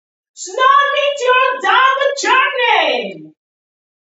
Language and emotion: English, happy